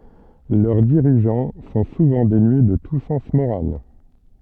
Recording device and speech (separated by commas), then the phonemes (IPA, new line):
soft in-ear microphone, read sentence
lœʁ diʁiʒɑ̃ sɔ̃ suvɑ̃ denye də tu sɑ̃s moʁal